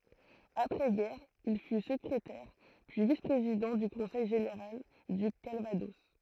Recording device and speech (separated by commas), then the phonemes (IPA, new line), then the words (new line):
throat microphone, read sentence
apʁɛ ɡɛʁ il fy səkʁetɛʁ pyi vis pʁezidɑ̃ dy kɔ̃sɛj ʒeneʁal dy kalvadɔs
Après-guerre, il fut secrétaire, puis vice-président du conseil général du Calvados.